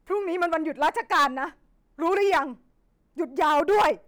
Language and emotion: Thai, angry